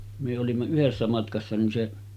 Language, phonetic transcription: Finnish, myö olimma 'yhessä matkassa nin 'se ,.
- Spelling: me olimme yhdessä matkassa niin se

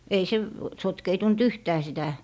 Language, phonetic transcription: Finnish, 'ei se , 'sotkeitunt "yhtää 'sitä ,.
- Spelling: ei se sotkeutunut yhtään sitä

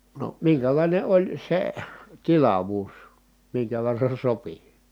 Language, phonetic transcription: Finnish, no miŋkälàine oĺ se , tilavuus , miŋkä verran̬ sopi .
- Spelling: no minkälainen oli se tilavuus minkä verran sopi

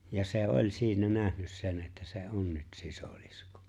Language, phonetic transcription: Finnish, ja se "’oĺ siinä 'nähnys sen että se "’on nyt 'sisoliskᴏ .
- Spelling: ja se oli siinä nähnyt sen että se on nyt sisilisko

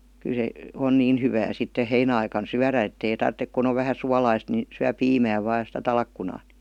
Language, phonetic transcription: Finnish, kyˡ se , on "niin hyvää sitte "heinä₍aikan "syärä ettei tarttek kun ‿ov 'vähä 'sualaist ni , 'syä "piimää vaa ja sⁱtä 'talkkunaa (NI) .
- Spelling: kyllä se on niin hyvää sitten heinäaikana syödä että ei tarvitse kun on vähän suolaista niin syö piimää vain ja sitä talkkunaa niin

